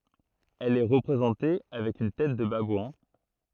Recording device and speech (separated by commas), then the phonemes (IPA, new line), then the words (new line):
throat microphone, read sentence
ɛl ɛ ʁəpʁezɑ̃te avɛk yn tɛt də babwɛ̃
Elle est représentée avec une tête de babouin.